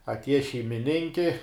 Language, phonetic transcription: Lithuanian, atˈieja šeimiˈninki

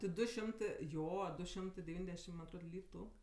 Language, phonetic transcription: Lithuanian, ti ˈdu ˈšimtɜ ˈjo ˈdu ˈšimtɜ deˈvyndešim man atˈrod ˈlytu

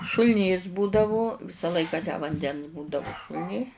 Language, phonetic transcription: Lithuanian, šul'ˈnys ˈbūdavu ˈvisa ˈlaika tę vanˈdens ˈbūdavu šul'ˈny

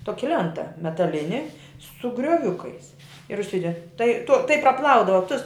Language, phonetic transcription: Lithuanian, ˈtoki ˈlenta metaˈlini su grioˈviukais ir užˈside tai tu tai praˈplaudava tus

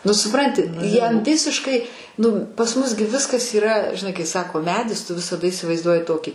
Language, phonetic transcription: Lithuanian, ˈnu suˈpranti ˈjam ˈvisiškai ˈnu pas ˈmus gi ˈviskas yˈra žiˈnai kai ˈsako ˈmedis ˈtu visaˈda isivaizˈduoji ˈtokį

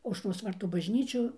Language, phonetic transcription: Lithuanian, aušˈros ˈvartų bažˈnyčiu

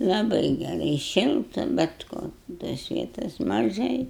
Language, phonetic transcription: Lithuanian, laˈbai geˈrai ˈšilta bet ˈko tos ˈvietos maˈžai

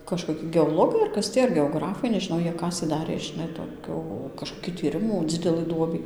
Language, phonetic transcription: Lithuanian, kažkoˈki geoˈlogai ar ˈkas tį ar geoˈgrafai nežiˈnau ˈjie ˈkasė ˈdarė žiˈnai toˈkiu kažkoˈki tyˈrimų ˈdzidelɨ ˈduobį

